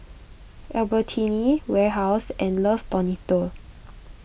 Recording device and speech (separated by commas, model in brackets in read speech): boundary microphone (BM630), read sentence